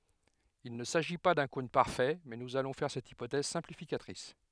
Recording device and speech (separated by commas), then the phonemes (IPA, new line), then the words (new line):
headset microphone, read sentence
il nə saʒi pa dœ̃ kɔ̃n paʁfɛ mɛ nuz alɔ̃ fɛʁ sɛt ipotɛz sɛ̃plifikatʁis
Il ne s'agit pas d'un cône parfait, mais nous allons faire cette hypothèse simplificatrice.